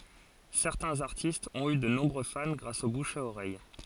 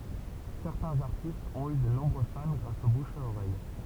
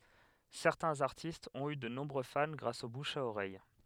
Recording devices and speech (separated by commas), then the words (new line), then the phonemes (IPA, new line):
forehead accelerometer, temple vibration pickup, headset microphone, read sentence
Certains artistes ont eu de nombreux fans grâce au bouche à oreille.
sɛʁtɛ̃z aʁtistz ɔ̃t y də nɔ̃bʁø fan ɡʁas o buʃ a oʁɛj